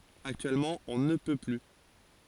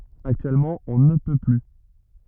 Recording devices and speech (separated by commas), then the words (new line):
forehead accelerometer, rigid in-ear microphone, read sentence
Actuellement, on ne peut plus.